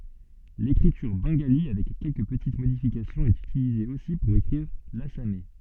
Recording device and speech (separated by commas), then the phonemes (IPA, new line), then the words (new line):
soft in-ear microphone, read sentence
lekʁityʁ bɑ̃ɡali avɛk kɛlkə pətit modifikasjɔ̃z ɛt ytilize osi puʁ ekʁiʁ lasamɛ
L’écriture bengalie, avec quelques petites modifications, est utilisée aussi pour écrire l’assamais.